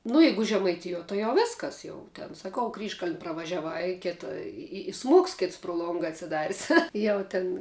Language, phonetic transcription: Lithuanian, nu ˈjeigu žemaiˈtijuo tai jau ˈvėskas ˈjau ten saˈkau ˈkryžkaln' pravažiaˈvai i ˈkėta i i i ˈsmuoks ˈkėts pru ˈlonga atsiˈdaris ˈjau ˈtin

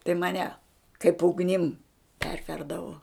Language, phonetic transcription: Lithuanian, tai maˈne kaip ugˈnim ˈperverdavo

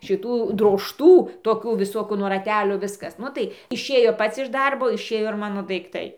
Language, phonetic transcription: Lithuanian, šiˈtų drožˈtų toˈkių viˈsokų nuo raˈtelio ˈviskas ˈnu tai išˈėjo ˈpats iš ˈdarbo išˈėjo ir ˈmano daikˈtai

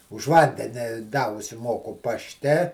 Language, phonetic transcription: Lithuanian, už ˈvandeni da užsiˈmoku pašˈte

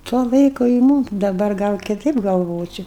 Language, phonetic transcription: Lithuanian, tuo ˈlaiku i ˈmūm daˈbar ˈgal kiˈtaip galˈvočio

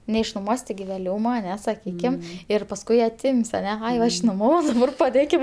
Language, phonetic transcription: Lithuanian, neišnuˈmuos' tiˈgi vėˈliūma aˈne saˈkykim ˈir pasˈkui aˈtim's' aˈne ˈai ˈva išnoˈmavau ir paˈdėkim

